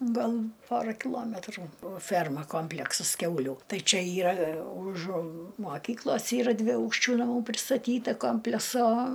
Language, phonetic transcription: Lithuanian, ˈgal ˈpora kiˈlometrų o ˈferma ˈkompleksas ˈkiaulių ˈtai ˈčia ˈyra už moˈkyklos ˈyra dviˈaukščių naˈmų pristaˈtyta ˈkompleso

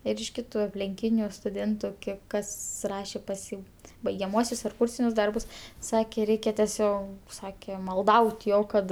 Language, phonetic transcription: Lithuanian, ir iš ˈkitu aplinˈkyniu stuˈdėntu ˈkiek ˈkas ˈrašė pas ˈjį baigiaˈmuosius ar ˈkūrsinius ˈdarbus ˈsakė ˈreikia teˈsio ˈsakė malˈdaut' ˈjo ˈkad

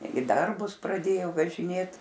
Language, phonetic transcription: Lithuanian, i ˈdarbus praˈdėjo važiˈnėt

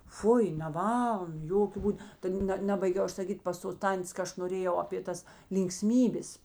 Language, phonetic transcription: Lithuanian, ˈfui neˈvaln ˈjokiu ˈbūd ta ˈne ˈnebaigiau ˈaš saˈkyt' pas tos ˈtantės ka ˈaš noˈrėjau apė ˈtas linkˈsmybės

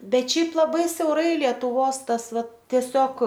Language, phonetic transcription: Lithuanian, ˈbet ˈšiaip laˈbai siauˈrai lietuˈvos ˈtas ˈvat tieˈsiog

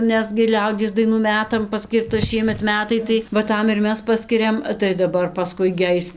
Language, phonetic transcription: Lithuanian, ˈnes gi ˈliaudies daiˈnų ˈmetam paˈskyrta ˈšiemet ˈmetai tai va ˈtam ir ˈmes ˈpaskiriam tai daˈbar paˈskui gi ˈais

